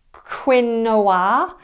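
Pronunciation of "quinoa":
'Quinoa' is pronounced incorrectly here.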